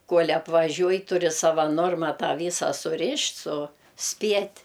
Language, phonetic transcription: Lithuanian, ˈkol' apvaˈžiuoj tuˈri ˈsava ˈnorma ˈtą ˈvysa suˈrišt' suˈspiet'

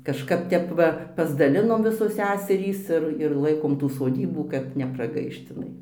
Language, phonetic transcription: Lithuanian, kažˈkap ˈtep va pasdaˈlinom ˈvisos ˈseserys ˈir ir ˈlaikom ˈtų soˈdybų kad nepraˈgaišt iˈnai

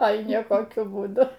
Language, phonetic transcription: Lithuanian, ˈoi niekoˈkiu būˈdu

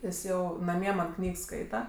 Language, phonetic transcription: Lithuanian, ˈjis ˈjau naˈmie man ˈknygs ˈskaita

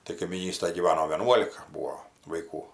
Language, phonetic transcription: Lithuanian, tai kaimyˈnystaj gyˈvano vieˈnuolika ˈbūo vaiˈkų

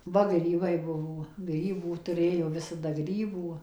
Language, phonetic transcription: Lithuanian, ˈva ˈgrybai ˈbuvo ˈgrybų tuˈrėjo ˈvisada ˈgrybų

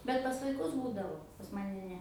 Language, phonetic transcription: Lithuanian, bet pas vaiˈkus ˈbūdavo pas ˈmane ˈne

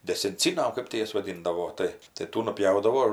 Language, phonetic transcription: Lithuanian, desenˈcyna ar ˈkɜp ti ˈjas vaˈdindavo ˈtai tai ˈtų nuˈpjaudavo

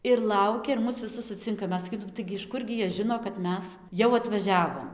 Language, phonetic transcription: Lithuanian, ir ˈlaukia ir ˈmus viˈsus suˈcinka ˈmes saˈkytum ˈtaigi iš ˈkurgi ˈjie ˈžino kad ˈmes jau atvaˈžiavom

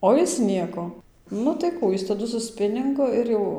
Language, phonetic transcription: Lithuanian, ˌo jis ˈnieko ˈnu tai ˈkų ˈjis taˈdu su ˈspiningu ˈir jau

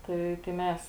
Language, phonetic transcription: Lithuanian, ˈtai tai ˈmes

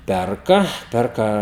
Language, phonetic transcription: Lithuanian, ˈperka ˈperka

